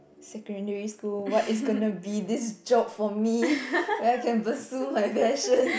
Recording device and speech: boundary microphone, conversation in the same room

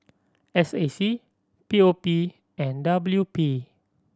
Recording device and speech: standing microphone (AKG C214), read sentence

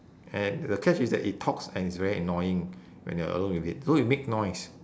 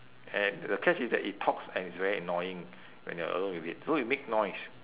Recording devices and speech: standing microphone, telephone, conversation in separate rooms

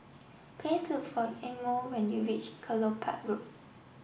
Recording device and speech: boundary microphone (BM630), read sentence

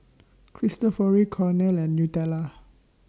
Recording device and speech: standing microphone (AKG C214), read sentence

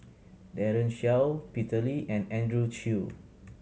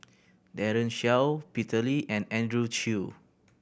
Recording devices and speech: mobile phone (Samsung C7100), boundary microphone (BM630), read sentence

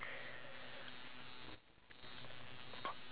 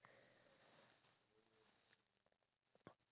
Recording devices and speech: telephone, standing microphone, conversation in separate rooms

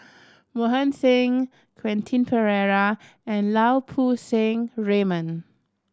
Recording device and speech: standing microphone (AKG C214), read sentence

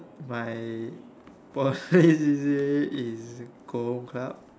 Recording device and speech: standing microphone, conversation in separate rooms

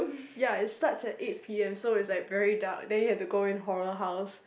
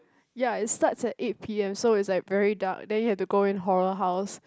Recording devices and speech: boundary microphone, close-talking microphone, conversation in the same room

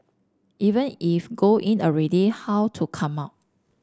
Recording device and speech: standing microphone (AKG C214), read sentence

